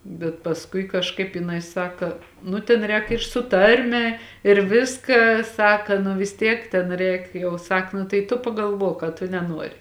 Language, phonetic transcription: Lithuanian, bet pasˈkui kažˈkaip jiˈnai ˈsaka ˈnu tėn ˈrēk ir su ˈtarme ir ˈviska ˈsaka nu vis ˈtiek ten ˈreik jau ˈsak nu tai ˈtu pagalˈvuok a tu neˈnuori

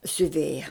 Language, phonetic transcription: Lithuanian, siuˈvėja

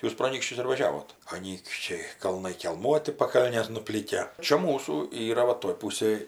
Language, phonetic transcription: Lithuanian, ˈjūs pro aˈnykščius ir vaˈžiavot aˈnykščiai kalˈnai kelˈmuoti paˈkalnės nuˈplykę čia ˈmūsų ˈyra ˈva toj ˈpūsėj

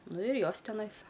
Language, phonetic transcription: Lithuanian, ˈnu ir ˈjos teˈnais

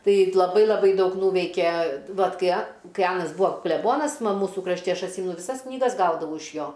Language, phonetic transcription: Lithuanian, tai laˈbai laˈbai ˈdaug ˈnūveikė ˈvat ˈkai a ˈkai ˈanas ˈbūa kleˈbonas ˈma ˈmūsu krašˈti ˈaš atˈsymenu viˈsas knyˈgas ˈgaudavau iš ˈjo

